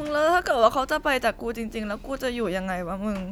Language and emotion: Thai, sad